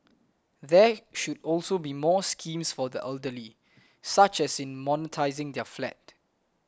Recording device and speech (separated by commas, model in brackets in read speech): close-talking microphone (WH20), read sentence